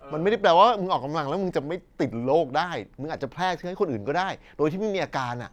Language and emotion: Thai, frustrated